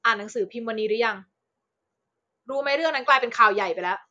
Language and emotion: Thai, angry